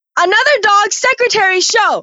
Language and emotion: English, disgusted